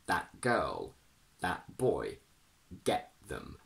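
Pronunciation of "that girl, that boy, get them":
In 'that girl', 'that boy' and 'get them', the t before the next consonant is said as a glottal stop.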